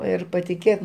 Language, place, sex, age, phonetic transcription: Lithuanian, Aukštaitija, male, 60+, ˈir patiˈkėt

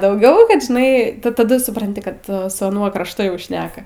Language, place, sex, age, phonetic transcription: Lithuanian, Aukštaitija, female, 18-60, dauˈgiau ˈkad žiˈnai taˈdu supranˈti kad su aˈnuo krašˈtu jau ˈšneka

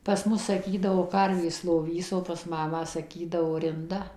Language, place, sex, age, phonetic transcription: Lithuanian, Suvalkija, female, 60+, pas ˈmus saˈkydavo ˈkarvės loˈvys o pas ˈmamą saˈkydavo rinˈda

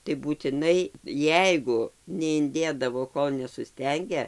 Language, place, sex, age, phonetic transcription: Lithuanian, Dzūkija, female, 60+, tai būtiˈnai ˈjeigu neinˈdėdavo ˈkol nesuˈstenge

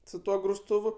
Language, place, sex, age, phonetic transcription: Lithuanian, Aukštaitija, male, 18-60, su ˈtuo grusˈtūvu

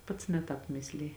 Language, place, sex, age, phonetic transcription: Lithuanian, Žemaitija, female, 18-60, ˈpats ne ˈtāp ˈmisliji

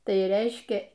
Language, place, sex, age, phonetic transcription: Lithuanian, Aukštaitija, female, 60+, ˈtai ˈreiškia

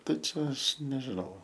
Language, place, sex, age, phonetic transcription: Lithuanian, Aukštaitija, male, 18-60, ˈtai čia ˈaš nežiˈnau

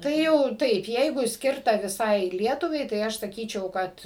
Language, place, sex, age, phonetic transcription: Lithuanian, Suvalkija, female, 60+, ˈtai jau ˈtaip ˈjeigu ˈskirta viˈsai ˈlietuvai tai ˈaš saˈkyčiau ˈkad

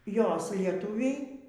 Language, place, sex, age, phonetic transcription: Lithuanian, Aukštaitija, female, 60+, ˈjos lieˈtuviai

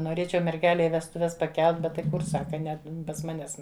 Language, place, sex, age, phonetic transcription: Lithuanian, Žemaitija, female, 60+, noˈrėčiau merˈgelei vestuˈves paˈkelt ˈbet tai ˈkur ˈsaka ˈne pas ˈmanes

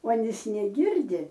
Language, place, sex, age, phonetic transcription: Lithuanian, Aukštaitija, female, 60+, uoˈnys neˈgirdi

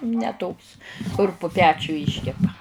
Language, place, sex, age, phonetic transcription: Lithuanian, Žemaitija, female, 60+, ne ˈtoks kur pu ˈpečiu ˈyškepa

